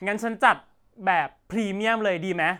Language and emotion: Thai, frustrated